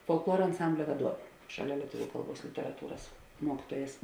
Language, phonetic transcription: Lithuanian, folkˈluora anˈsamblia vaˈduovė ˈšaˌlia lieˈtuviu ˈkalˌbuos literaˈtūras ˈmuokytuojas

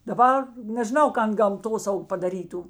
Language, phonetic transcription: Lithuanian, daˈbar nežiˈnau ˈkan gamˈtosaug padaˈrytu

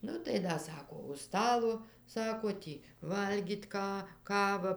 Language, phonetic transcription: Lithuanian, ˈnu tai ˈda ˈsako už ˈstalo ˈsako ˈtį ˈvalgyt' ˈką ˈkava

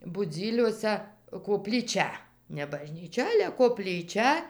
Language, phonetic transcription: Lithuanian, buˈdzyliuosæ koplyˈčia ne bažnyˈčia ˈale koplyˈčia

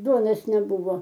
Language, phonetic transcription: Lithuanian, ˈduonos neˈbuvo

